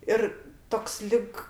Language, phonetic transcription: Lithuanian, ˈir ˈtoks ˈlig

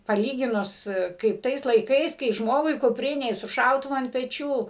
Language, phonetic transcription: Lithuanian, paˈlyginus kaip ˈtais laiˈkais kai ˈžmogui kuˈprine i su ˈšautuvu ant peˈčių

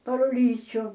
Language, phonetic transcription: Lithuanian, par uˈlyčiu

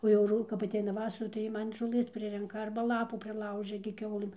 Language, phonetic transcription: Lithuanian, o jau ˈru kap atˈeina ˈvasara tai ˈjie ˈman žoˈlɘs ˈprirenka ˈarba ˈlapų priˈlaužia gi ˈkiaulɘm

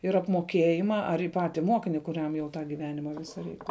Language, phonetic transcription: Lithuanian, ir apmoˈkėjima ar i ˈpati ˈmokini kuˈriam jau tą giˈvenimą ˈvisa ˈreik

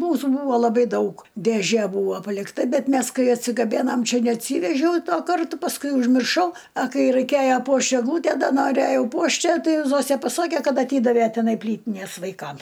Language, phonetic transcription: Lithuanian, ˈmūsų ˈbūva laˈbai ˈdaug dėˈžė ˈbūvo palikˈta ˈbet ˈmes ˈkai atsigaˈbėnam ˈčia neatˈsyvežiau ˈtuo ˈkartu pasˈkui užmirˈšau a ˈkai raiˈkėja ˈpuošt egˈlūtæ ˈda noˈræjau ˈpuošt ˈją ˈtai ˈzosæ paˈsakė ˈkad aˈtydavæ tiˈnai ˈplytinės vaiˈkam

